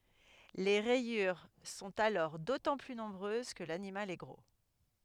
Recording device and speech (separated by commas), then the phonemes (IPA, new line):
headset microphone, read sentence
le ʁɛjyʁ sɔ̃t alɔʁ dotɑ̃ ply nɔ̃bʁøz kə lanimal ɛ ɡʁo